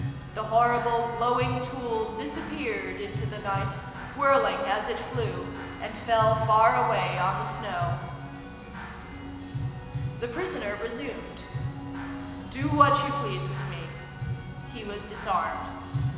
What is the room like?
A large and very echoey room.